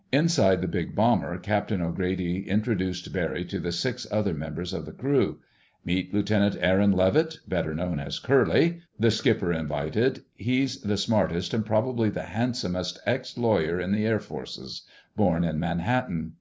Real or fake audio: real